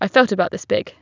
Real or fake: real